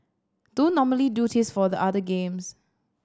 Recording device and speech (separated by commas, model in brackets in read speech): standing microphone (AKG C214), read sentence